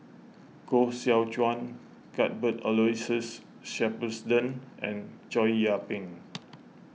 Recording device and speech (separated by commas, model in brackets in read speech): mobile phone (iPhone 6), read sentence